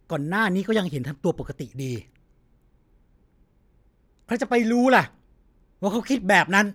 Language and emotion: Thai, angry